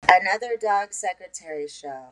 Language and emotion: English, neutral